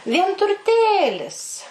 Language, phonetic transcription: Lithuanian, vienturˈtėlis

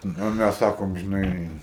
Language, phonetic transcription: Lithuanian, o ˈmæs ˈsakom žiˈnai

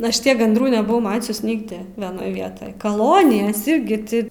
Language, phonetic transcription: Lithuanian, ˈaš ˈtiek gandˈrų nebuˈvau ˈmačius ˈnigdi vieˈnoj ˈvietoj kaˈlonijas ˈirgi ti

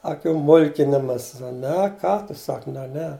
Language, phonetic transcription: Lithuanian, aˈkių ˈmulkinimas ˈne ˈką tu ˈsak ne ˈne

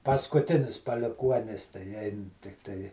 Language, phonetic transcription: Lithuanian, paskuˈtinis paliˈkuonis tai ˈein tikˈtai

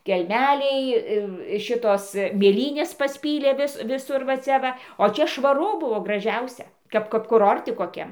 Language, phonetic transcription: Lithuanian, kelˈmeliai ir ˈšitos mėˈlynės pasˈpylė ˈvis viˈsur va cia ˈva o ˈčia švaˈru ˈbuvo graˈžiausia ˈkap kap kuˈrorti koˈkiam

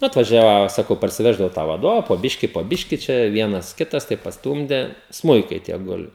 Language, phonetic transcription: Lithuanian, ˈnu atvaˈžiavo ˈsakau parsiˈveždavau tą vaˈdova po ˈbiški po ˈbiški čia ˈvienas ˈkitas taip pasˈtūmde ˈsmuikai tie ˈguli

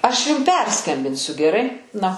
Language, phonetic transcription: Lithuanian, ˈaš ˈjum ˈperskambinsiu geˈrai ˈna

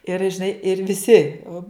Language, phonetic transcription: Lithuanian, ir žiˈnai ir viˈsi o

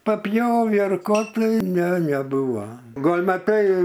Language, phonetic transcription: Lithuanian, paˈpjovį ar ˈko tai ne neˈbuvo ˈgol' maˈtai

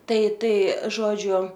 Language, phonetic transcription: Lithuanian, ˈtai ˈtai ˈžodžiu

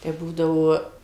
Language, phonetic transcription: Lithuanian, tai ˈbūdavo

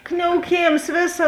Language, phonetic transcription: Lithuanian, kniauˈkėms ˈvėˌsa

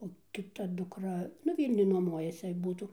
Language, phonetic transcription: Lithuanian, o kiˈta dukˈra nu ˈvylniuj nuoˈmuojasi ˈbūtų

